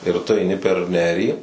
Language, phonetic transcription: Lithuanian, ir tu aiˈni per ˈnerį

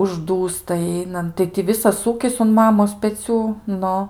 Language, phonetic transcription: Lithuanian, užˈdūsta ˈeinant tai ti ˈvisas ˈūkis un ˈmamos peˈcių ˈnu

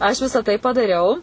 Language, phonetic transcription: Lithuanian, aš ˈvisa tai padaˈriau

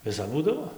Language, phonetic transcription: Lithuanian, viˈsap ˈbūdavo

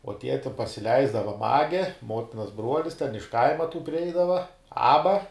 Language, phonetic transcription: Lithuanian, o ˈtie ti pasiˈleisdava ˈmage ˈmotinas ˈbruolis ten iš ˈkaima tų priˈeidava ˈaba

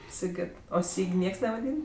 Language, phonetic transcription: Lithuanian, siˈgit o ˈsyg' ˈnieks nevaˈdyn

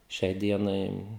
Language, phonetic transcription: Lithuanian, ˈšiai ˈdienai

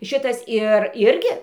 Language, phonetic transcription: Lithuanian, ˈšitas ˈir ˈirgi

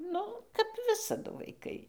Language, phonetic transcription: Lithuanian, ˈnu kap ˈvisadu vaiˈkai

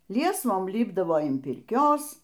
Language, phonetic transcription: Lithuanian, ˈliesvom ˈlipdavo in pirˈkios

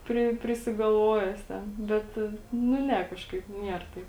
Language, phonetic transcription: Lithuanian, ˈpri prisigalˈvoja jis ˈten ˈbet nu ˈne ˈkažkaip ˈnier taip

